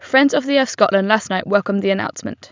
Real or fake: real